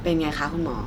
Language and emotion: Thai, neutral